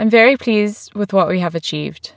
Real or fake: real